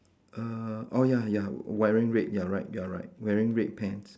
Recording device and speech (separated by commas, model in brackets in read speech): standing microphone, conversation in separate rooms